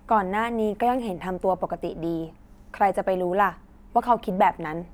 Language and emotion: Thai, neutral